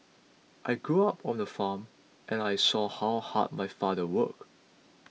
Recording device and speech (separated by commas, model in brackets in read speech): mobile phone (iPhone 6), read sentence